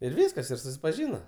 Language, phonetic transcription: Lithuanian, ir ˈvyskas ir susipaˈžyna

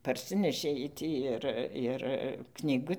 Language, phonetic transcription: Lithuanian, parˈsinešė ˈjiej ˈtį ir ir knyˈgu

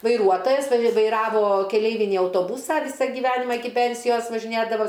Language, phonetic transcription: Lithuanian, vaiˈruotojas va vaiˈravo keˈleivinį autoˈbūsą ˈvysa giˈvenimą ˈiki ˈpensijos važiˈnėdavo

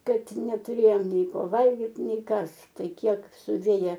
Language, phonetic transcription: Lithuanian, ˈkad netuˈrėjom ˈnei ˈko ˈvalgit ˈnei ˈkas ˈtai ˈkiek suˈvėja

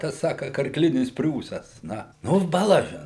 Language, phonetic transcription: Lithuanian, ˈtas ˈsaka karkˈlinis ˈpriūsas ˈna ˈnu baˈlažin

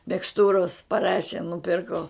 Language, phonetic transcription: Lithuanian, miksˈtūros paˈrašė nuˈpirko

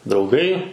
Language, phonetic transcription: Lithuanian, drauˈgai

